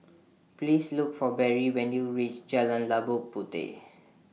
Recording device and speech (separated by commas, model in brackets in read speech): mobile phone (iPhone 6), read sentence